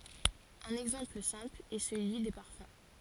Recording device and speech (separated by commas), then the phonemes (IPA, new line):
forehead accelerometer, read sentence
œ̃n ɛɡzɑ̃pl sɛ̃pl ɛ səlyi de paʁfœ̃